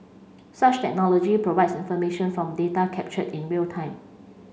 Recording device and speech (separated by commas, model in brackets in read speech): mobile phone (Samsung C5), read sentence